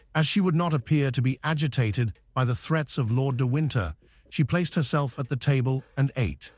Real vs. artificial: artificial